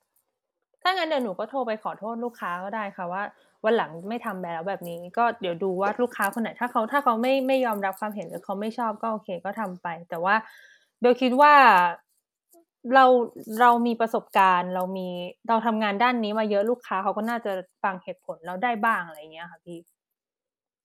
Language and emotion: Thai, frustrated